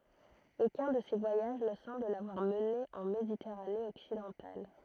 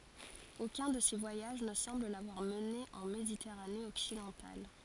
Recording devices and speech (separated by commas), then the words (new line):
throat microphone, forehead accelerometer, read sentence
Aucun de ces voyages ne semble l'avoir mené en Méditerranée occidentale.